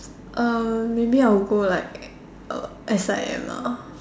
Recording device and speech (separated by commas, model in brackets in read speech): standing microphone, conversation in separate rooms